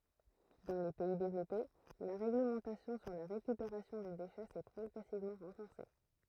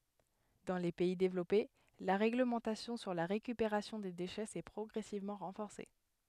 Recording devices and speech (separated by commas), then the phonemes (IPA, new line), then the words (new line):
throat microphone, headset microphone, read sentence
dɑ̃ le pɛi devlɔpe la ʁeɡləmɑ̃tasjɔ̃ syʁ la ʁekypeʁasjɔ̃ de deʃɛ sɛ pʁɔɡʁɛsivmɑ̃ ʁɑ̃fɔʁse
Dans les pays développés, la réglementation sur la récupération des déchets s'est progressivement renforcée.